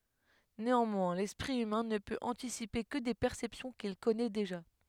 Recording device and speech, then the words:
headset microphone, read sentence
Néanmoins, l'esprit humain ne peut anticiper que des perceptions qu'il connaît déjà.

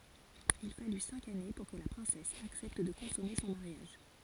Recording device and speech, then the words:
forehead accelerometer, read sentence
Il fallut cinq années pour que la princesse accepte de consommer son mariage.

